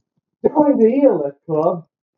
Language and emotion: English, surprised